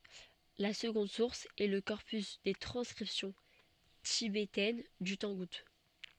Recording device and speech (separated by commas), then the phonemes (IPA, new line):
soft in-ear microphone, read sentence
la səɡɔ̃d suʁs ɛ lə kɔʁpys de tʁɑ̃skʁipsjɔ̃ tibetɛn dy tɑ̃ɡut